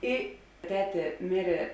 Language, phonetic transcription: Lithuanian, ˈi ˈtetė ˈmirė

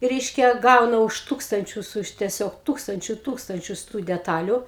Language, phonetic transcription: Lithuanian, ˈreiškia ˈgauna už ˈtūkstančius už teˈsiog ˈtūkstančiu ˈtūkstančius tų deˈtaliu

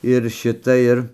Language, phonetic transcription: Lithuanian, ir ˈšita ˈir

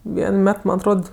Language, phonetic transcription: Lithuanian, ˈvien ˈmet ˈman atˈrod

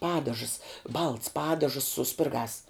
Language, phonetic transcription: Lithuanian, ˈpadažəs balts ˈpadažəs su ˈspirgās

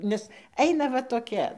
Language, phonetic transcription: Lithuanian, ˈnes ˈeina va toˈkia

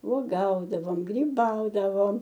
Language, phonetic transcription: Lithuanian, uoˈgaudavom gryˈbaudavom

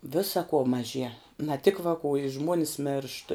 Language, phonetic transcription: Lithuanian, ˈvisa kuo maˈžie na tik vakų i ˈžmuonis mėršt

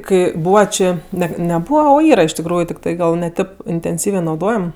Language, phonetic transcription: Lithuanian, ˈkai ˈbūva ˈčė ˈnet ne ˈbūva o ˈyra iš tikˈrųju tikˈtai ˈgal ˈne ˈtėp intenˈsyvė nauˈdojam

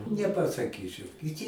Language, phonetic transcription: Lithuanian, nepasaˈkyčiau kiˈty

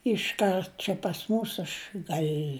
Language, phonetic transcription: Lithuanian, išˈkart čia pas ˈmūs aš ˈgal'

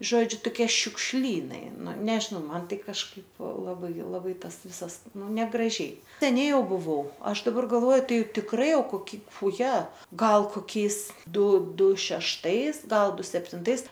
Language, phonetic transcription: Lithuanian, ˈžodžiu toˈkie šiukšˈlynai ˈnu ˈnežinau ˈman ˈtai kažˈkaip laˈbai laˈbai ˈtas ˈvisas ˈnu negraˈžiai seˈniai ˈjau buˈvau ˈaš daˈbar galˈvoju ˈtai tikˈrai ˈjau koˈki uˈje ˈgal koˈkiais ˈdu ˈdu šešˈtais ˈgal ˈdu septinˈtais

